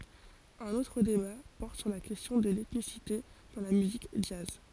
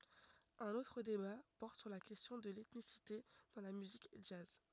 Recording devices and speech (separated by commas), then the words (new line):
forehead accelerometer, rigid in-ear microphone, read sentence
Un autre débat porte sur la question de l'ethnicité dans la musique jazz.